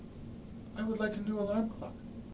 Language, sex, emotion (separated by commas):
English, male, neutral